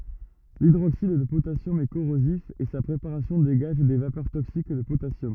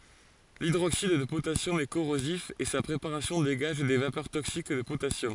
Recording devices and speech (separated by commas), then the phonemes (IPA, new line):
rigid in-ear microphone, forehead accelerometer, read sentence
lidʁoksid də potasjɔm ɛ koʁozif e sa pʁepaʁasjɔ̃ deɡaʒ de vapœʁ toksik də potasjɔm